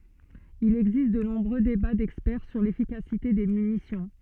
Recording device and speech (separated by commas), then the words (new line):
soft in-ear microphone, read sentence
Il existe de nombreux débats d'experts sur l'efficacité des munitions.